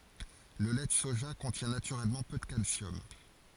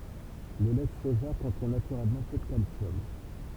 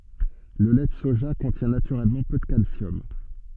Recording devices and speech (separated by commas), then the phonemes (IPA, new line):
forehead accelerometer, temple vibration pickup, soft in-ear microphone, read sentence
lə lɛ də soʒa kɔ̃tjɛ̃ natyʁɛlmɑ̃ pø də kalsjɔm